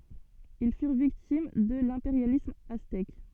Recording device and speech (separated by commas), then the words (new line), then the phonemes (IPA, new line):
soft in-ear microphone, read sentence
Ils furent victimes de l'impérialisme aztèque.
il fyʁ viktim də lɛ̃peʁjalism aztɛk